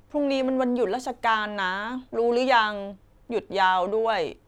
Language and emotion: Thai, frustrated